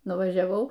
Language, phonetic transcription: Lithuanian, nuvažiaˈvau

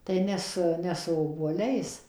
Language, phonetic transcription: Lithuanian, tai ˈne su ˈne su obuoˈliais

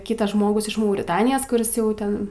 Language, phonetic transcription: Lithuanian, ˈkytas ˈžmogus iš mauriˈtanijos kuˈris ˈjau ˈten

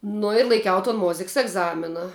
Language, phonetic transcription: Lithuanian, ˈnu ir laiˈkiau ton ˈmoziks egˈzamina

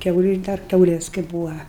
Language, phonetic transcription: Lithuanian, ˈkiauliu dar ˈkiaulės kai ˈbūva

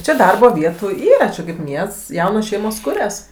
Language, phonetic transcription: Lithuanian, ˈčia ˈdarbo ˈvietų ˈyra čia kaip ˈmiests ˈjaunos ˈšeimos ˈkurias

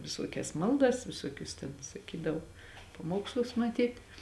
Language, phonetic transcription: Lithuanian, viˈsuokias ˈmaldas viˈsuokius ten saˈkydavo paˈmuokslus maˈtyt'

